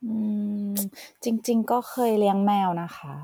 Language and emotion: Thai, neutral